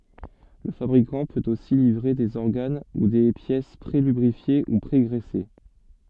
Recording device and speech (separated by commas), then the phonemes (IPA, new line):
soft in-ear microphone, read sentence
lə fabʁikɑ̃ pøt osi livʁe dez ɔʁɡan u de pjɛs pʁelybʁifje u pʁeɡʁɛse